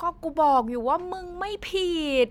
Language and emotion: Thai, frustrated